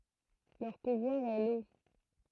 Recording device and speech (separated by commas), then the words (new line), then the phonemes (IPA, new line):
throat microphone, read sentence
Leur pouvoir est l'eau.
lœʁ puvwaʁ ɛ lo